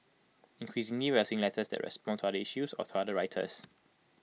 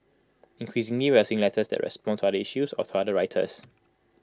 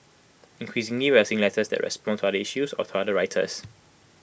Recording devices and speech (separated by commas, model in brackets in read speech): mobile phone (iPhone 6), close-talking microphone (WH20), boundary microphone (BM630), read sentence